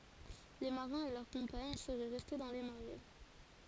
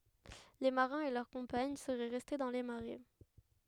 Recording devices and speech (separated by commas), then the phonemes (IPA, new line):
forehead accelerometer, headset microphone, read sentence
le maʁɛ̃z e lœʁ kɔ̃paɲ səʁɛ ʁɛste dɑ̃ le maʁɛ